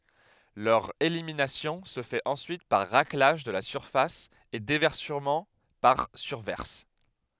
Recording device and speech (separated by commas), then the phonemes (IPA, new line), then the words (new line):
headset microphone, read sentence
lœʁ eliminasjɔ̃ sə fɛt ɑ̃syit paʁ ʁaklaʒ də la syʁfas e devɛʁsəmɑ̃ paʁ syʁvɛʁs
Leur élimination se fait ensuite par raclage de la surface et déversement par surverse.